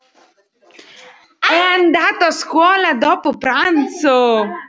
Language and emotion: Italian, surprised